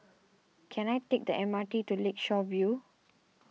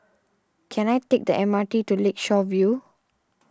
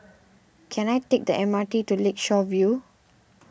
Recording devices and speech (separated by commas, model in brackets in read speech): mobile phone (iPhone 6), standing microphone (AKG C214), boundary microphone (BM630), read sentence